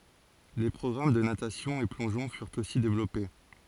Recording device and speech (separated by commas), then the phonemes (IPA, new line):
forehead accelerometer, read sentence
le pʁɔɡʁam də natasjɔ̃ e plɔ̃ʒɔ̃ fyʁt osi devlɔpe